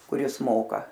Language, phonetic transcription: Lithuanian, kuˈris ˈmoka

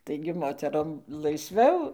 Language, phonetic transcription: Lithuanian, ˈtaigi ˈmoterom laisˈviau

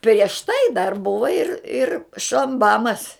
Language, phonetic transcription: Lithuanian, prieš ˈtai dar ˈbuva ir ir šamˈbamas

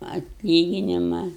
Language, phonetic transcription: Lithuanian, atˈlyginima

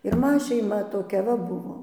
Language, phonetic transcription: Lithuanian, ir ˈma šeiˈma toˈkia va ˈbuvo

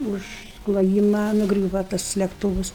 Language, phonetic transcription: Lithuanian, ˈuž kloˈjyma nuˈgriūva tas lekˈtūvus

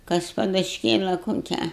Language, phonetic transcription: Lithuanian, ˈkas padušˈkėla koˈkią

